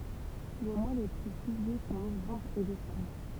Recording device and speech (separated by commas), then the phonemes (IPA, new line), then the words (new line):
temple vibration pickup, read sentence
le mwa le ply plyvjø sɔ̃ novɑ̃bʁ e desɑ̃bʁ
Les mois les plus pluvieux sont novembre et décembre.